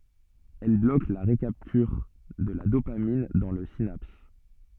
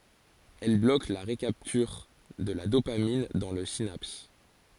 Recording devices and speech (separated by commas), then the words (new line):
soft in-ear microphone, forehead accelerometer, read sentence
Elle bloque la recapture de la dopamine dans la synapse.